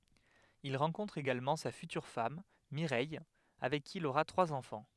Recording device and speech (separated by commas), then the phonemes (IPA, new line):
headset microphone, read sentence
il ʁɑ̃kɔ̃tʁ eɡalmɑ̃ sa fytyʁ fam miʁɛj avɛk ki il oʁa tʁwaz ɑ̃fɑ̃